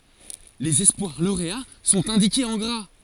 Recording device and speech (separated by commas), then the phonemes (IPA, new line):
forehead accelerometer, read sentence
lez ɛspwaʁ loʁea sɔ̃t ɛ̃dikez ɑ̃ ɡʁa